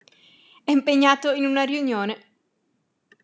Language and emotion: Italian, happy